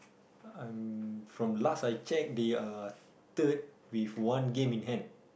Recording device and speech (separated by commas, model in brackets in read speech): boundary microphone, conversation in the same room